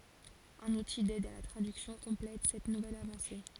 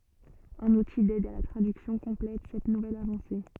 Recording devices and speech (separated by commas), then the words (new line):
forehead accelerometer, soft in-ear microphone, read sentence
Un outil d'aide à la traduction complète cette nouvelle avancée.